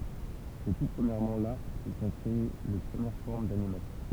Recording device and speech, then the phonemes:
temple vibration pickup, read sentence
sɛ tu pʁəmjɛʁmɑ̃ la kə sə sɔ̃ kʁee le pʁəmjɛʁ fɔʁm danimasjɔ̃

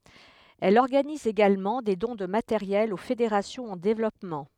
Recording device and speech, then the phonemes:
headset microphone, read sentence
ɛl ɔʁɡaniz eɡalmɑ̃ de dɔ̃ də mateʁjɛl o fedeʁasjɔ̃z ɑ̃ devlɔpmɑ̃

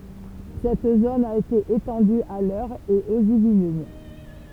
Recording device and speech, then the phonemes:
temple vibration pickup, read sentence
sɛt zon a ete etɑ̃dy a lœʁ e oz ivlin

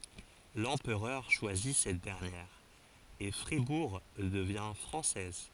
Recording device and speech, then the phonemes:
forehead accelerometer, read sentence
lɑ̃pʁœʁ ʃwazi sɛt dɛʁnjɛʁ e fʁibuʁ dəvjɛ̃ fʁɑ̃sɛz

